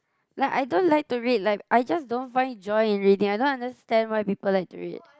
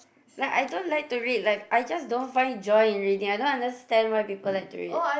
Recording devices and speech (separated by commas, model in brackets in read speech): close-talking microphone, boundary microphone, conversation in the same room